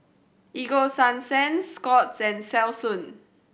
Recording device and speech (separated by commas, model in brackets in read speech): boundary microphone (BM630), read sentence